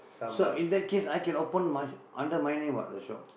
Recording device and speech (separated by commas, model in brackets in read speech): boundary microphone, conversation in the same room